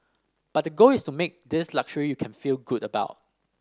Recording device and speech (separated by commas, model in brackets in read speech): standing microphone (AKG C214), read sentence